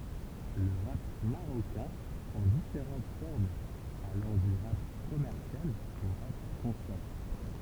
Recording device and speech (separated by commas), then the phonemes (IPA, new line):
temple vibration pickup, read sentence
lə ʁap maʁokɛ̃ pʁɑ̃ difeʁɑ̃t fɔʁmz alɑ̃ dy ʁap kɔmɛʁsjal o ʁap kɔ̃sjɑ̃